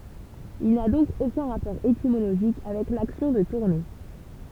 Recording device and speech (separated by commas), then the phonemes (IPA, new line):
temple vibration pickup, read sentence
il na dɔ̃k okœ̃ ʁapɔʁ etimoloʒik avɛk laksjɔ̃ də tuʁne